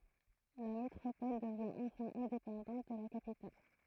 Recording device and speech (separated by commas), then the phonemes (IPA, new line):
throat microphone, read sentence
la metʁopɔl dəvjɛ̃ ɑ̃fɛ̃ ɛ̃depɑ̃dɑ̃t də la kapital